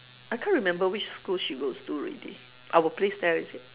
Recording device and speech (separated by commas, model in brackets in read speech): telephone, conversation in separate rooms